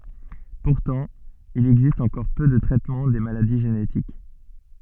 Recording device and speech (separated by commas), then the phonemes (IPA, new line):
soft in-ear microphone, read sentence
puʁtɑ̃ il ɛɡzist ɑ̃kɔʁ pø də tʁɛtmɑ̃ de maladi ʒenetik